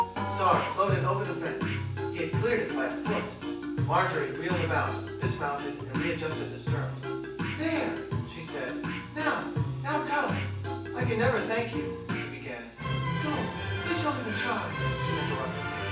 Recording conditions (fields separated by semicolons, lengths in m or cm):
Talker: one person; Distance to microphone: 9.8 m; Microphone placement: far; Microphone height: 1.8 m; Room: large; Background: music